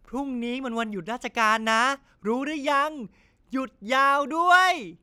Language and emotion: Thai, happy